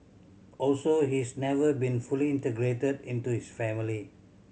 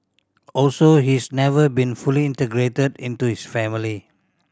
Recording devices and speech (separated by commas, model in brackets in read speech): mobile phone (Samsung C7100), standing microphone (AKG C214), read sentence